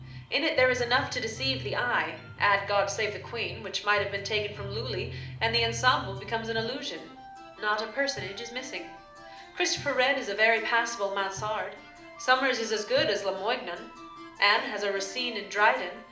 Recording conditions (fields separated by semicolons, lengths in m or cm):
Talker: one person; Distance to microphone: 2.0 m; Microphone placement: close; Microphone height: 99 cm; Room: medium-sized (5.7 m by 4.0 m); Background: music